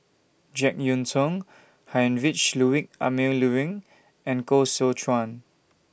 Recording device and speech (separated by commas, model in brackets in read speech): boundary microphone (BM630), read sentence